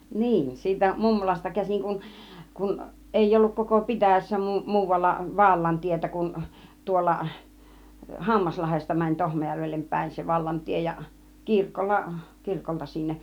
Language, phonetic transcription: Finnish, 'niin , siitä "mummolasta 'käsiŋ kun , kun 'èij ‿olluk koko "pitä̀jässä 'muu- , 'muuvalla ('vaallan) tietä kun 'tuolla , "Hammaslahesta mäń 'Tohmäjäŕvellem pä̬̀in se vallantie ja , 'kirkolla , 'kirkolta 'sinneˀ .
- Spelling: niin siitä mummolasta käsin kun kun ei ollut koko pitäjässä - muualla - vallantietä kuin tuolla Hammaslahdesta meni Tohmajärvelle päin se vallantie ja kirkolla kirkolta sinne

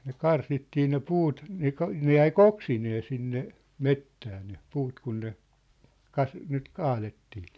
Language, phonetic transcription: Finnish, ne 'karsittii ne 'puut , ne ‿k- , ne 'jäi "k̳ ‿oksinee 'sinne , 'mettää ne , 'puut kun ne , 'kas- , nyt 'kaalettɪɪ .
- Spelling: ne karsittiin ne puut ne - ne jäi - oksineen sinne metsään ne puut kun ne - nyt kaadettiin

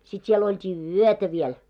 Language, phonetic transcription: Finnish, sit siel olt́ii "yötä 'viɛl .
- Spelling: sitten siellä oltiin yötä vielä

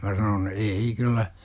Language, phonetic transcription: Finnish, 'mä sanon "e-ei » kyllä « , .
- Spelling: minä sanoin ei kyllä

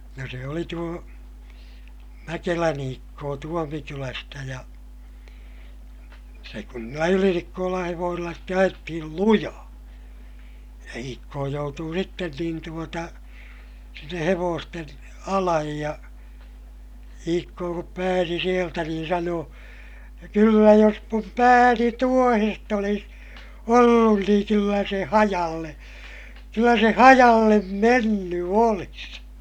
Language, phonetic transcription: Finnish, ja se oli tuo , Mäkelän ‿Iikkoo Tuomikylästä ja , se kun niillä Ylinikkoolaa̰ hevoosilla ste ajettihil lujaa , ja Iikkoo joutuu sitten niin tuota , sinne hevoosten , alaj ja , Iikkoo kup pääsi sieltä niin sanoo , » kyllä jos mum pääni tuohest ‿olis , ollun niiŋ kyllä se hajalle , kyllä se hajallem menny olis » .
- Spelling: ja se oli tuo Mäkelän Iikkoo Tuomikylästä ja se kun niillä Ylinikkolan hevosilla sitten ajettiin lujaa ja Iikkoo joutui sitten niin tuota sinne hevosten alle ja Iikkoo kun pääsi sieltä niin sanoi kyllä jos minun pääni tuohesta olisi ollut niin kyllä se hajalle kyllä se hajalle mennyt olisi

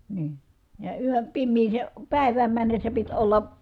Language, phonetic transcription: Finnish, nii , ja yön̬ , pimmiisè , pä̀i̮vääm männessä pit olla
- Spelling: niin ja yön pimeään päivään mennessä piti olla

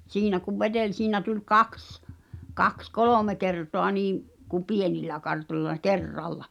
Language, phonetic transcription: Finnish, 'siinä kuv "veᴅeĺ 'siinä tuĺ "kaks , 'kaks "kolòme 'kertoa 'niim , ku "pienillä 'kartoĺla , "ker'ralla .
- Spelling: siinä kun veteli siinä tuli kaksi kaksi kolme kertaa niin kuin pienillä kartoilla kerralla

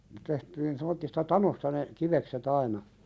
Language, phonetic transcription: Finnish, tehtiin semmottista "tanosta ne , "kivekse't ‿aina ,.
- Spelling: tehtiin semmoisesta tanosta ne kivekset aina

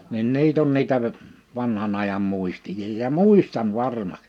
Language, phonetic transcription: Finnish, nin 'niit ‿on 'niitä v- , 'vanhan ‿ajam 'mùistija ja "mùistan "varma(ks) .
- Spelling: niin niitä on niitä - vanhan ajan muisteja ja muistan varmaksi

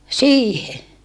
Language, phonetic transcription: Finnish, siihe .
- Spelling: siihen

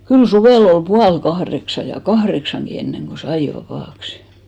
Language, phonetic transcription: Finnish, kyl 'suvèl ‿ol 'pual-'kahreksa ja "kahreksaŋɢi enneŋɢo "sai 'vapàksɪ .
- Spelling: kyllä suvella oli puoli kahdeksan ja kahdeksankin ennen kuin sai vapaaksi

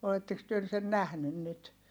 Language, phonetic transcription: Finnish, oletteks työ sen nähnyn nyt ?
- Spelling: olettekos te sen nähnyt nyt

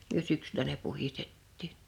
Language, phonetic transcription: Finnish, myö 'syksylä ne 'puhistettiiɴ .
- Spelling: me syksyllä ne puhdistettiin

